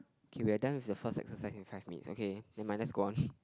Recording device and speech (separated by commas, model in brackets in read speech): close-talking microphone, conversation in the same room